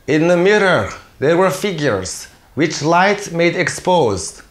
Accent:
In Russian accent